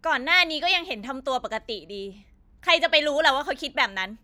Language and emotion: Thai, angry